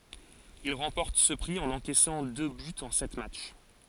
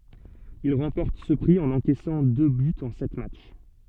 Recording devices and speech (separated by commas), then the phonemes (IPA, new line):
forehead accelerometer, soft in-ear microphone, read sentence
il ʁɑ̃pɔʁt sə pʁi ɑ̃n ɑ̃kɛsɑ̃ dø bytz ɑ̃ sɛt matʃ